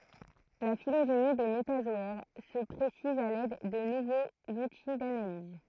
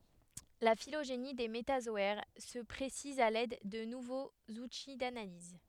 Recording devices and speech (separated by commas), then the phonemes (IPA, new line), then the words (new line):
throat microphone, headset microphone, read sentence
la filoʒeni de metazɔɛʁ sə pʁesiz a lɛd də nuvoz uti danaliz
La phylogénie des métazoaires se précise à l'aide de nouveaux outils d'analyse.